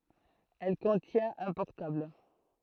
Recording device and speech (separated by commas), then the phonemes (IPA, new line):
throat microphone, read sentence
ɛl kɔ̃tjɛ̃t œ̃ pɔʁtabl